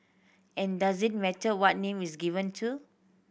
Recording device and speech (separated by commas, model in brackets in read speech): boundary microphone (BM630), read sentence